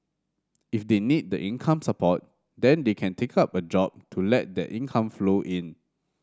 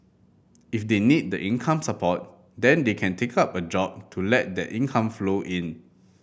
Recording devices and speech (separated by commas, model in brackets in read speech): standing microphone (AKG C214), boundary microphone (BM630), read sentence